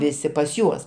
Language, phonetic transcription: Lithuanian, ˈvisi pas ˈjuos

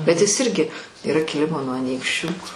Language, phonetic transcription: Lithuanian, bet ˈjis ˈirgi yˈra kiˈlimo nuo aˈnykščių

